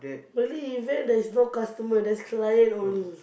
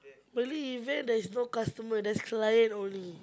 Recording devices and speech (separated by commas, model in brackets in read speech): boundary microphone, close-talking microphone, conversation in the same room